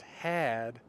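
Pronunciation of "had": In 'had', the vowel is long.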